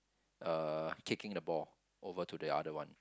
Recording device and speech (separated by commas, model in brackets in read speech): close-talking microphone, conversation in the same room